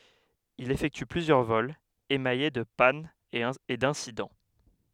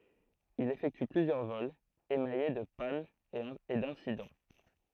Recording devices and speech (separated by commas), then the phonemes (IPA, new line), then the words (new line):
headset microphone, throat microphone, read sentence
il efɛkty plyzjœʁ vɔlz emaje də panz e dɛ̃sidɑ̃
Il effectue plusieurs vols, émaillés de pannes et d'incidents.